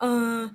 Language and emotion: Thai, frustrated